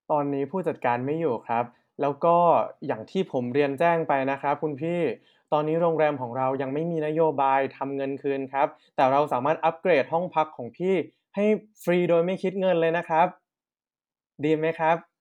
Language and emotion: Thai, neutral